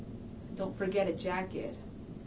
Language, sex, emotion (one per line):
English
female
neutral